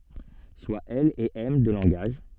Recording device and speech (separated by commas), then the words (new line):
soft in-ear microphone, read sentence
Soit L et M deux langages.